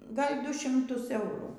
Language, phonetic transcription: Lithuanian, ˈgal' ˈdu šimˈtus ˈeurų

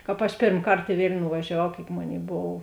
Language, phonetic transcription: Lithuanian, ˈkāp aš ˈpėrm ˈkart i ˈvėlniu nuvažiaˈvau kėik ˈmoˌnėi ˈbov

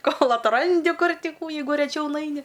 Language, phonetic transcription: Lithuanian, ˈkol atˈrandi ˈkur ˈti ˈkų ˈjeigu reˈčiau ˈnaini

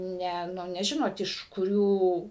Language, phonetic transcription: Lithuanian, ˈne neˈžinot iš kuˈrių

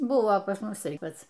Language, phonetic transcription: Lithuanian, ˈbuvo pas ˈmus ˈtai ˈpac

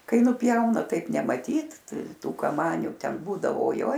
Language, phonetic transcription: Lithuanian, ˈkai ˈnupjauna ˈtaip nemaˈtyt ˈtų kaˈmaniu ˈten ˈbūdavo oˈjoj

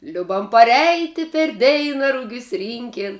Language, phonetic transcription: Lithuanian, ˈliubam paˈreiti per ˈdeina ˈrugius ˈrynkėn

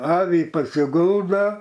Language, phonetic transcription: Lithuanian, ˈavį pasiˈguldo

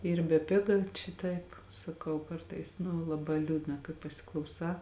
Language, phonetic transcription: Lithuanian, ˈyr beˈpiga čia ˈtaip saˈkau ˈkartais nu laˈbā ˈliūdna kai pasiklauˈsā

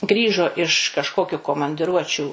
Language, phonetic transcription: Lithuanian, ˈgrįžo iš kažˈkokiu komandiˈruočių

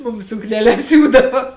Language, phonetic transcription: Lithuanian, ˈmum sukneˈles ˈsiūdava

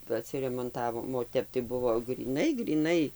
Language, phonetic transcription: Lithuanian, atsiremonˈtavom o ˈtep tai ˈbuvo gryˈnai gryˈnai

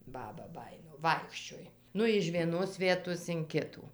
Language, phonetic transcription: Lithuanian, ˈbaba ˈbajino ˈvaikščioj ˈnu iž vieˈnos ˈvietos in ˈkitų

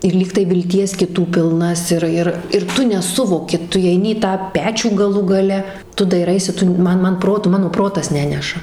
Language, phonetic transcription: Lithuanian, ir ˈlygtai vilˈties kiˈtų pilˈnas ˈir ir ir ˈtu neˈsuvoki ˈtu įeiˈni į tą ˈpečių gaˈlų gaˈle ˈtu daiˈraisi ˈtu ˈman ˈman ˈprotu ˈmano ˈprotas ˈneneša

